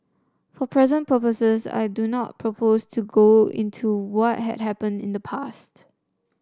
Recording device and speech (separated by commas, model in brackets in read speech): standing microphone (AKG C214), read sentence